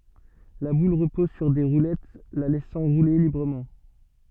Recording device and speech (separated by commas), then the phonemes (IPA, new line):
soft in-ear microphone, read sentence
la bul ʁəpɔz syʁ de ʁulɛt la lɛsɑ̃ ʁule libʁəmɑ̃